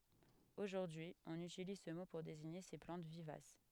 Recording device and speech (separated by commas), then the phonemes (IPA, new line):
headset microphone, read sentence
oʒuʁdyi ɔ̃n ytiliz sə mo puʁ deziɲe se plɑ̃t vivas